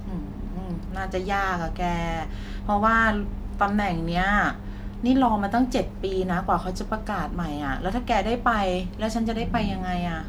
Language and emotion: Thai, sad